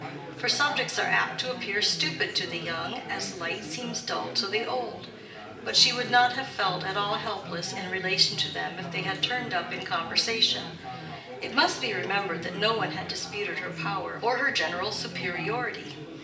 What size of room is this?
A large room.